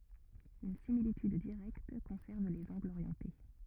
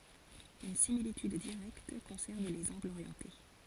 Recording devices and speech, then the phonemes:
rigid in-ear microphone, forehead accelerometer, read sentence
yn similityd diʁɛkt kɔ̃sɛʁv lez ɑ̃ɡlz oʁjɑ̃te

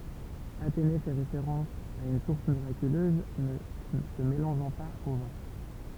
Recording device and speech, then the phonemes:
temple vibration pickup, read sentence
atene fɛ ʁefeʁɑ̃s a yn suʁs miʁakyløz nə sə melɑ̃ʒɑ̃ paz o vɛ̃

